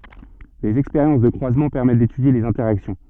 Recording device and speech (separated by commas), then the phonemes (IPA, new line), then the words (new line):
soft in-ear microphone, read sentence
dez ɛkspeʁjɑ̃s də kʁwazmɑ̃ pɛʁmɛt detydje lez ɛ̃tɛʁaksjɔ̃
Des expériences de croisement permettent d'étudier les interactions.